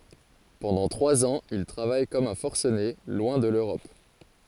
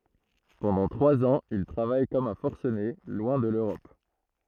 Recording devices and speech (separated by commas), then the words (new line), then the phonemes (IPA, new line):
forehead accelerometer, throat microphone, read sentence
Pendant trois ans, il travaille comme un forcené, loin de l’Europe.
pɑ̃dɑ̃ tʁwaz ɑ̃z il tʁavaj kɔm œ̃ fɔʁsəne lwɛ̃ də løʁɔp